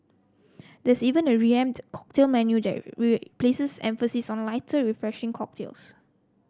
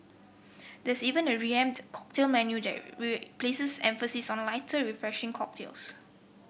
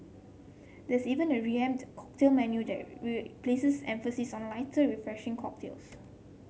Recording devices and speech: close-talking microphone (WH30), boundary microphone (BM630), mobile phone (Samsung C7), read sentence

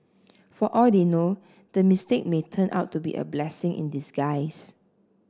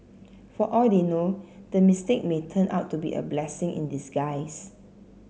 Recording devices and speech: standing microphone (AKG C214), mobile phone (Samsung C7), read sentence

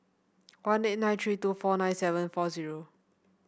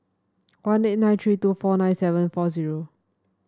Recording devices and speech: boundary microphone (BM630), standing microphone (AKG C214), read sentence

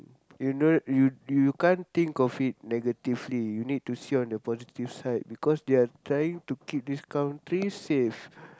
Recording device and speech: close-talking microphone, conversation in the same room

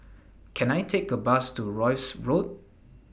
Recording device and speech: boundary microphone (BM630), read sentence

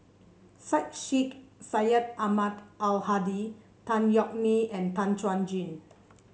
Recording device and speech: mobile phone (Samsung C7), read sentence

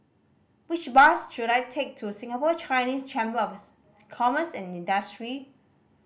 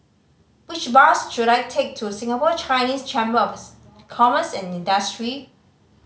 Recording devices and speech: boundary microphone (BM630), mobile phone (Samsung C5010), read sentence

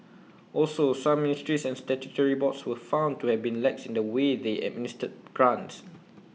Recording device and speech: mobile phone (iPhone 6), read sentence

